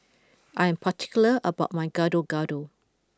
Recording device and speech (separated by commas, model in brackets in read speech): close-talking microphone (WH20), read sentence